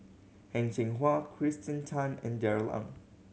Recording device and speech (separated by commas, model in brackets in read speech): mobile phone (Samsung C7100), read sentence